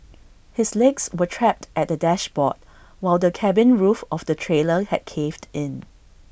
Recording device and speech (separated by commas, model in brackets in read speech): boundary microphone (BM630), read sentence